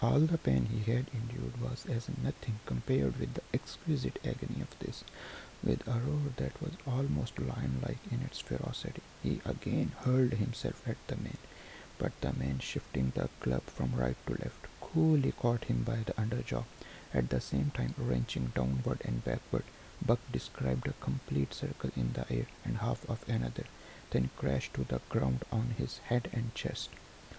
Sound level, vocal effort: 71 dB SPL, soft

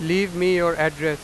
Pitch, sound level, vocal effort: 170 Hz, 100 dB SPL, very loud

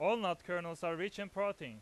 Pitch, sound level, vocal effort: 180 Hz, 99 dB SPL, very loud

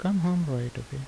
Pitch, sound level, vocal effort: 135 Hz, 77 dB SPL, soft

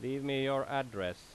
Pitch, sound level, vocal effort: 135 Hz, 90 dB SPL, loud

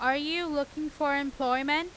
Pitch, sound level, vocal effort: 290 Hz, 96 dB SPL, very loud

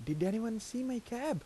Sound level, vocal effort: 83 dB SPL, soft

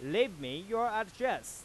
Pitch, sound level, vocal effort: 225 Hz, 98 dB SPL, normal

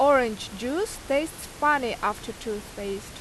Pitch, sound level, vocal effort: 245 Hz, 88 dB SPL, very loud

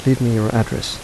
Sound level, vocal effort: 79 dB SPL, soft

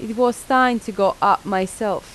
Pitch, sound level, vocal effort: 220 Hz, 87 dB SPL, normal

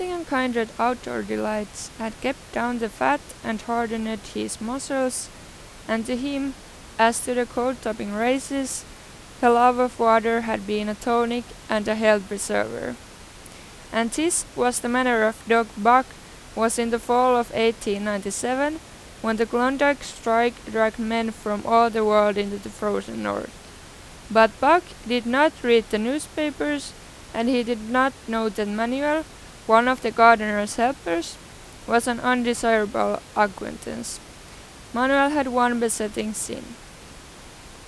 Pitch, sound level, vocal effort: 235 Hz, 88 dB SPL, normal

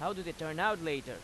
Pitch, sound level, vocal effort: 165 Hz, 93 dB SPL, loud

